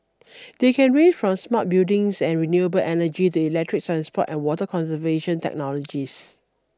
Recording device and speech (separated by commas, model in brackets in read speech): standing microphone (AKG C214), read sentence